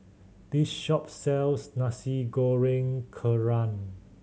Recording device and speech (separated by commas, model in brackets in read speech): mobile phone (Samsung C7100), read sentence